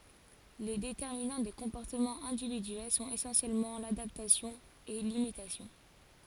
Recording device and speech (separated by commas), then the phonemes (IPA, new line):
forehead accelerometer, read sentence
le detɛʁminɑ̃ de kɔ̃pɔʁtəmɑ̃z ɛ̃dividyɛl sɔ̃t esɑ̃sjɛlmɑ̃ ladaptasjɔ̃ e limitasjɔ̃